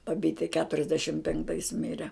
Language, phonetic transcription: Lithuanian, baˈbyte keturiasˈdešim penkˈtais ˈmire

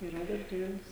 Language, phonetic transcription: Lithuanian, iˈra darˈželis

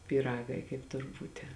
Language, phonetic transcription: Lithuanian, pyˈragai kaip ˈtur ˈbūti

